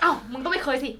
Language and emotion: Thai, happy